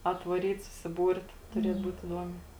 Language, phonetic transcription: Lithuanian, atvaˈryt susiˈbūrt tuˈriet ˈbūt iˈduomiai

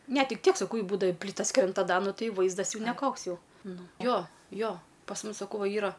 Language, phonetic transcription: Lithuanian, ˈne ˈtik ˈtiek saˈkau ˈjei ˈbūdava i ˈplytas ˈkrent a ˈda ˈnu ˈtai ˈvaizdas neˈkoks ˈjau ˈnu ˈjo ˈjo pas ˈmus saˈkau ˈva ˈyra

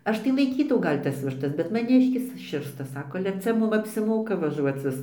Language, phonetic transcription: Lithuanian, ˈaš tai laiˈkytau ˈgal' tas višˈtas bet maˈniškis ˈširsta ˈsako ale ˈcia ˈmum apsiˈmoka vaˈžuoc vis

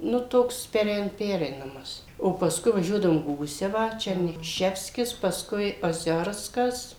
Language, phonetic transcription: Lithuanian, nu ˈtoks peˈrein ˈpereinamas o paˈskui vaˈžiuodavom ˈgūsevą ˈčerny ˈševskis pasˈkui oˈziorskas

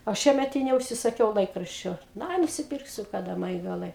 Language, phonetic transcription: Lithuanian, o ˈšiemet i neužsisaˈkiau ˈlaikraščio nu ˈai nusiˈpirksiu kaˈda ˈma ji gaˈlai

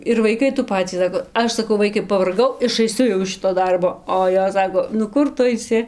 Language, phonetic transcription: Lithuanian, ir vaiˈkai tų ˈpacį ˈsako ˈaš saˈkau ˈvaikai pavarˈgau išaiˈsiu jau iš ˈšito ˈdarbo o ˈjos ˈsako nu ˈkur ˈtu aiˈsi

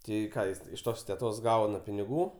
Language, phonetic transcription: Lithuanian, ˈtai ˈką ˈjis iš ˈtos teˈtos ˈgauna piniˈgų

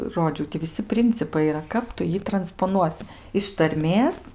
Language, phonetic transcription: Lithuanian, ˈrodžiau ti viˈsi ˈprincipai yˈra ˈkap tu ˈjį transpoˈnuosi iš tarˈmės

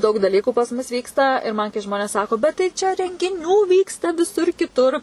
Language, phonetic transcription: Lithuanian, ˈdaug daˈlyku pas ˈmus ˈvyksta ir ˈman kai ˈžmonės ˈsako bet tai ˈčia rengiˈnių ˈvyksta viˈsur kiˈtur

